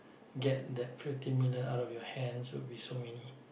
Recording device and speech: boundary microphone, conversation in the same room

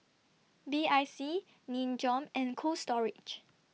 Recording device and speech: mobile phone (iPhone 6), read sentence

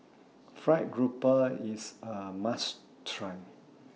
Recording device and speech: mobile phone (iPhone 6), read sentence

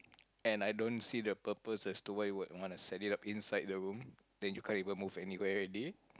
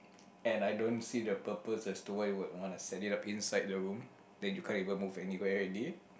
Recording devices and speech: close-talking microphone, boundary microphone, conversation in the same room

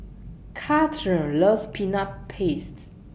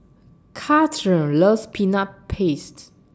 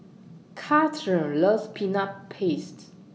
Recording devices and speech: boundary microphone (BM630), standing microphone (AKG C214), mobile phone (iPhone 6), read sentence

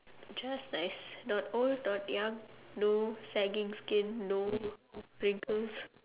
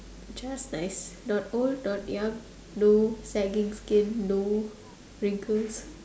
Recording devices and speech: telephone, standing microphone, conversation in separate rooms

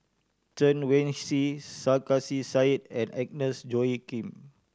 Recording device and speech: standing microphone (AKG C214), read sentence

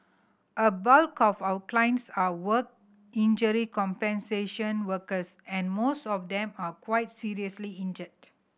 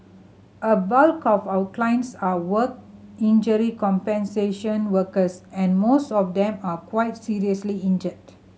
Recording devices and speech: boundary microphone (BM630), mobile phone (Samsung C7100), read sentence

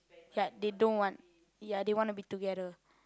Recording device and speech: close-talking microphone, conversation in the same room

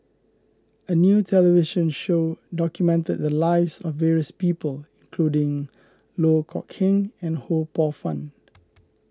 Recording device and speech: close-talking microphone (WH20), read sentence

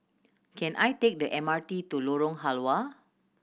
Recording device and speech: boundary microphone (BM630), read sentence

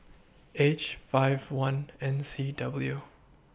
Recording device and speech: boundary microphone (BM630), read sentence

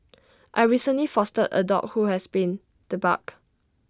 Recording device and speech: standing microphone (AKG C214), read sentence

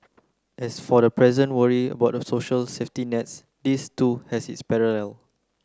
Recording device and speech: close-talking microphone (WH30), read sentence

